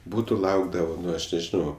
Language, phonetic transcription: Lithuanian, ˈbūtu ˈlaukdava ˈnu aš nežiˈnau

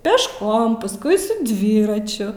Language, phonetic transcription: Lithuanian, pešˈkom pasˈkui su ˈdvyračiu

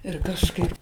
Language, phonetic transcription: Lithuanian, ir kažˈkaip

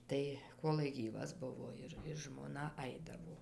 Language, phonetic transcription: Lithuanian, ˈtai ˈkolai ˈgyvas ˈbuvo ˈir ir žmoˈna ˈaidavo

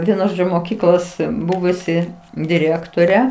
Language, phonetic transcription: Lithuanian, ˈvienu ˈžo moˈkyklos ˈbuvusi diˈrėktore

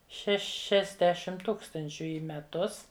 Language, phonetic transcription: Lithuanian, šešiasˈdešim ˈtūkstančiu į meˈtus

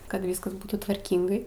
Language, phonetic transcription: Lithuanian, kad ˈvyskas ˈbūtų tvarˈkyngai

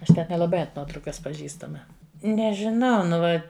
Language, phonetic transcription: Lithuanian, ˈaš ˈten nelaˈbai ant ˈnuotraukas paˈžįstama nežiˈnau nu ˈva

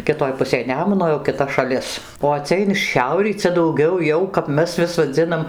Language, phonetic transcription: Lithuanian, kiˈtoj ˈpusėj ˈnemuno jau kiˈta šaˈlis o ˈcia in ˈšiaurį ˈcia dauˈgiau ˈjau kap ˈmes vis vaˈdzinam

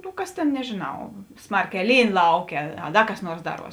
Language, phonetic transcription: Lithuanian, nu ˈkas tėn nežėˈnau ˈsmarˌkē ˈlyn ˈlauˌkė a ˈda kas ˈnuors ˈdaˌruos

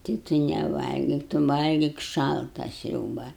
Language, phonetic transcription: Lithuanian, tai tu neˈvalgik tu ˈvalgik ˈšalta ˈsriūba

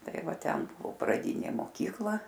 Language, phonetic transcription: Lithuanian, ˈtai ˈva ˈten ˈbuvo praˈdinė moˈkykla

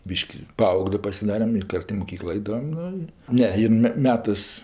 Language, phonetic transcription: Lithuanian, ˈbyški ˈpaauglė pasiˈdarem i ˈkart i moˈkyklo ˈaidavam ˈnu i ˈne ˈjin me ˈmetɜs

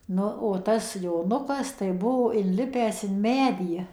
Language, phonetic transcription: Lithuanian, ˈnu o ˈtas joˈnukas tai ˈbuo inˈlipęs in ˈmedį

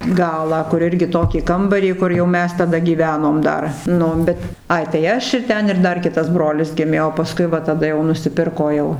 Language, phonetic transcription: Lithuanian, ˈgalą kur ˈirgi ˈtokį ˈkambarį ˈkur jau ˈmes taˈda gyˈvenom ˈdar ˈnu bet ˈai tai ˈaš ir ˈten ir ˈdar ˈkitas ˈbrolis ˈgimė o paˈskui ˈva taˈda jau nusiˈpirko jau

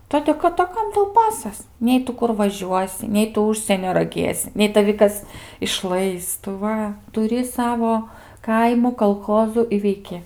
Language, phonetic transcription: Lithuanian, ˈtodė kad a ˈkam ˈtau ˈpasas ˈnei tu ˈkur vaˈžiuosi ˈnei tu ˈužsienio raˈgėsi ˈnei taˈvi kas išˈlais tu ˈva tuˈri ˈsavo ˈkaimų kalˈchozu i veiˈki

